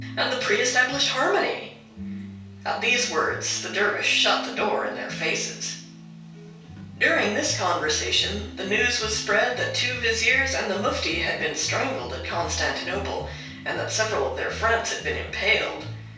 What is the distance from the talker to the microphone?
3.0 m.